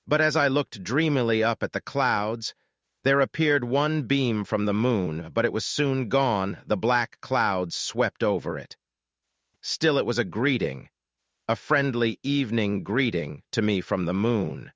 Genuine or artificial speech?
artificial